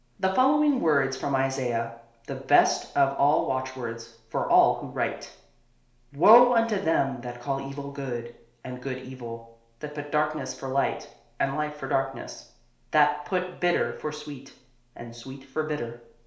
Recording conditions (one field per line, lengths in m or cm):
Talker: one person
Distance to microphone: 1.0 m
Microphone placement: close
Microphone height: 1.1 m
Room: small (3.7 m by 2.7 m)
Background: none